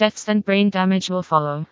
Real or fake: fake